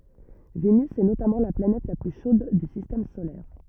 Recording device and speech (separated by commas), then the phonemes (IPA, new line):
rigid in-ear microphone, read sentence
venys ɛ notamɑ̃ la planɛt la ply ʃod dy sistɛm solɛʁ